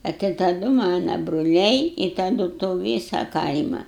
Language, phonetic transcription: Lithuanian, a ti taˈdu ˈmana bruˈliai i taˈdu to ˈvysa ˈkaima

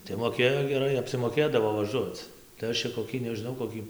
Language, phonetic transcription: Lithuanian, tai moˈkėjo geˈrai apsimoˈkėdavo vaˈžuoc tai ˈaš čia koˈkį nežiˈnau koˈkį

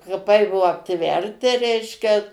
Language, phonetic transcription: Lithuanian, kaˈpai ˈbuo apˈtverti ˈreiškia

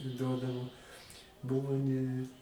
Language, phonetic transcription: Lithuanian, ˈduodavo ˈbuvo ne

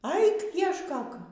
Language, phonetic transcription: Lithuanian, ˈaik iešˈkok

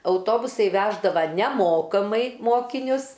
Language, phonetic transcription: Lithuanian, auˈtobusai ˈveždava neˈmokamai ˈmokinius

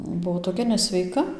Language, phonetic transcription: Lithuanian, ˈbuo toˈkia nesveiˈka

